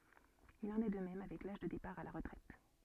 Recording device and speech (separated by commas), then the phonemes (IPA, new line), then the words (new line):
soft in-ear microphone, read sentence
il ɑ̃n ɛ də mɛm avɛk laʒ də depaʁ a la ʁətʁɛt
Il en est de même avec l'âge de départ à la retraite.